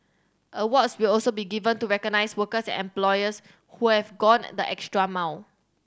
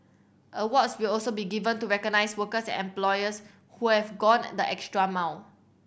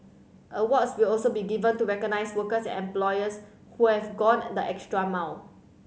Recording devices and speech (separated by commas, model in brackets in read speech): standing microphone (AKG C214), boundary microphone (BM630), mobile phone (Samsung C7100), read sentence